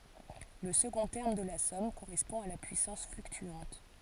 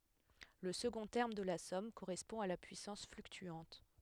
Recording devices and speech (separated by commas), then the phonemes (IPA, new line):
forehead accelerometer, headset microphone, read sentence
lə səɡɔ̃ tɛʁm də la sɔm koʁɛspɔ̃ a la pyisɑ̃s flyktyɑ̃t